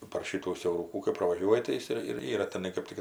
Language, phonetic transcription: Lithuanian, par ˈšitų siauˈrūkų kai pravaˈžiuoji tai ˈjis ir ir ˈyra teˈnai kɜp ˈtik

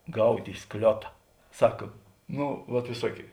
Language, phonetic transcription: Lithuanian, ˈgaut' i ˈskliota ˈsak ˈno vat viˈsuokėi

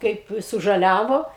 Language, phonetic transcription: Lithuanian, ˈkaip sužaˈliavo

